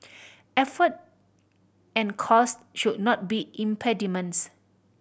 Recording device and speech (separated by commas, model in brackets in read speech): boundary microphone (BM630), read sentence